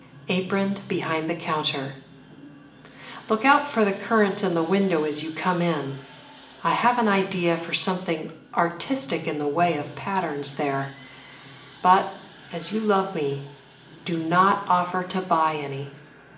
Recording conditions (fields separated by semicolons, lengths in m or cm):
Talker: one person; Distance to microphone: 1.8 m; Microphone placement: close; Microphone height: 1.0 m; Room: large; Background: television